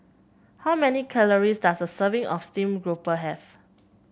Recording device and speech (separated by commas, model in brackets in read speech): boundary microphone (BM630), read sentence